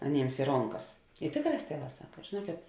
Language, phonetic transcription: Lithuanian, aˈnėms i ˈronˌkas i ˈtėkˌrās ˈtieˌvā ˈsaka žėˈnuokėt

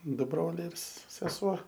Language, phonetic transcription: Lithuanian, ˈdu ˈbroliai ir s seˈsuo

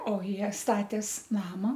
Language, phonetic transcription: Lithuanian, o ˈjie ˈstatės ˈnama

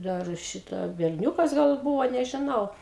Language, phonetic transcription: Lithuanian, dar ˈšitą berˈniūkas gal ˈbūvo nežiˈnau

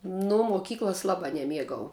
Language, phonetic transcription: Lithuanian, ˈnu moˈkyklas ˈlabā neˈmiegau

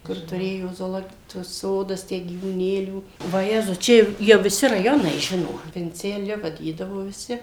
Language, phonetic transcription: Lithuanian, ˈkur tuˈrėjo zoˈlo tuos ˈsodas ˈtę gyvūˈnėlių vaˈjezus ˈčia jau jau viˈsi raˈjonai ˈžino vinceˈliu vaˈdydavo viˈsi

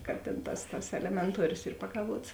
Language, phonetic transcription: Lithuanian, ka tėn ˈtas tas elemenˈtuorios ˈyr pakaˈvuots

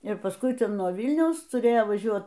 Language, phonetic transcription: Lithuanian, ir pasˈkui nuo ˈvilniaus tuˈrėjo vaˈžiuot

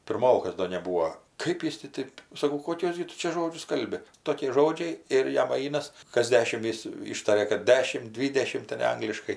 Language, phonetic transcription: Lithuanian, pirˈmokas ˈdo neˈbūo ˈkɜp jis ti ˈtɜp ˈkɜp jis ti ˈtɜp saˈkau koˈkiuos gi ˈtu čia ˈžodžius ˈkalbi ˈtoki ˈžodžiai ir ˈjam ˈainas kas ˈdešim ˈjis ˈyštaria kad ˈdešim ˈdvydešimt ten' ˈangliškai

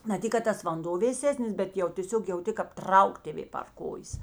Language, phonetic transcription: Lithuanian, na ˈtik kad ˈtas vanˈdo vėˈsesnis bet ˈjau tėˈsiog jauˈti kap ˈtrauk tėˈvė par ˈkojės

